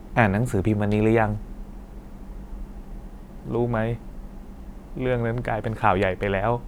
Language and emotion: Thai, sad